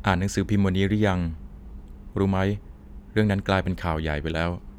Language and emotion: Thai, neutral